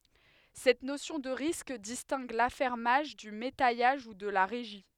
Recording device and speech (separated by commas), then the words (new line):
headset microphone, read sentence
Cette notion de risque distingue l'affermage du métayage ou de la régie.